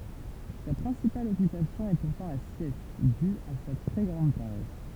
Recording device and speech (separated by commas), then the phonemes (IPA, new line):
temple vibration pickup, read sentence
sa pʁɛ̃sipal ɔkypasjɔ̃ ɛ puʁtɑ̃ la sjɛst dy a sa tʁɛ ɡʁɑ̃d paʁɛs